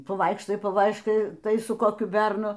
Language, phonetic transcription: Lithuanian, paˈvaikštai paˈvaiškai ˈtai su koˈkiu ˈbernu

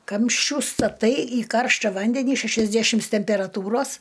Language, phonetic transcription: Lithuanian, ˈkamščių staˈtai į ˈkaršta ˈvandenį šæšasˈdæšims temperaˈtūros

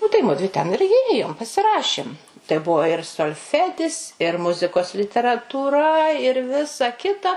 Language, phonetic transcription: Lithuanian, ˈnu tai ˈmudvi ten ir iˈjėjom pasiˈrašim tai ˈbuvo ir solˈfedis ir ˈmuzikos literatūˈra ir ˈvisa ˈkita

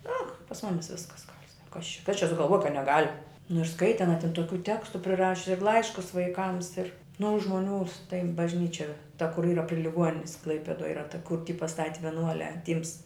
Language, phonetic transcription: Lithuanian, no pas ˈmumis ˈviskas gal' sak kas čia kas čia sugalˈvuoj kad neˈgal' nu ir ˈskaiti aˈna tin toˈkių ˈtekstu priˈrašius ir ˈlaiškus vaiˈkams ir nu o žmoˈnių tai bažˈnyčia ta kur ˈyra pri liˈguoninis ˈklaipedoj ˈyra ta kur ti paˈstati vieˈnuoliā ˈtyms

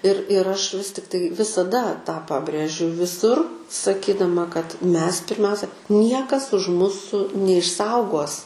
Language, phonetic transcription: Lithuanian, ir ir ˈaš ˈvis tiktai visaˈda tą ˈpabrėžiu viˈsur saˈkydama kad ˈmes pirˈmiausia ˈniekas už ˈmusu neišˈsaugos

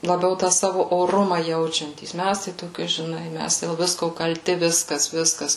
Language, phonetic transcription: Lithuanian, laˈbiau ˈtą ˈsavu oˈruma ˈjaučiantys ˈmæs tai toˈki žiˈnai mæs dėl ˈvisko kalˈti ˈviskas ˈviskas

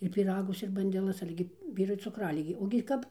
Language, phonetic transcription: Lithuanian, ir pyˈragus ir bandeˈlas ˈale gi ˈvyrui cuˈkraligė ogi ˈkap

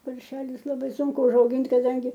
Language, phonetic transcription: Lithuanian, parˈšelius laˈbai ˈsunku užauˈgint' kaˈdangi

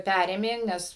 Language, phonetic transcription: Lithuanian, ˈpærėmė ˈnes

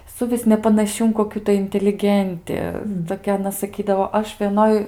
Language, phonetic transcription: Lithuanian, suˈvis nepanaˈši in koˈkių tai inteliˈgenti toˈkia aˈna saˈkydavo ˈaš vieˈnoj

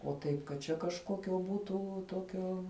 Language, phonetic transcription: Lithuanian, o ˈtaip kad ˈčia kažˈkokio ˈbūtu ˈtokio

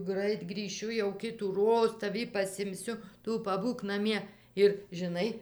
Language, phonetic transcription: Lithuanian, ˈgrait grįˈšiu jau kitųˈroz taˈvį pasimˈsiu ˈtu paˈbūk naˈmie ir žiˈnai

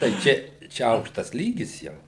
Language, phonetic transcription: Lithuanian, tai ˈčia ˈčia ˈaukštas ˈlygis jau

